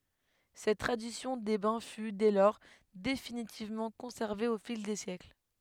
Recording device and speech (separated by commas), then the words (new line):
headset microphone, read sentence
Cette tradition des bains fut, dès lors, définitivement conservée au fil des siècles.